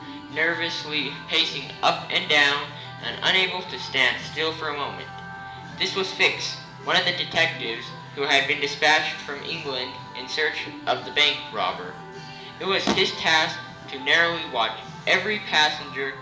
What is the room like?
A spacious room.